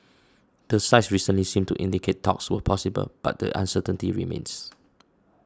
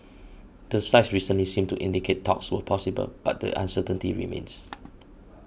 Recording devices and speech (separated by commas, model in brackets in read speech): standing microphone (AKG C214), boundary microphone (BM630), read sentence